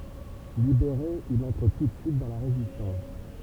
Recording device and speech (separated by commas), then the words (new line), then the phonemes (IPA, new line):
temple vibration pickup, read sentence
Libéré, il entre tout de suite dans la Résistance.
libeʁe il ɑ̃tʁ tu də syit dɑ̃ la ʁezistɑ̃s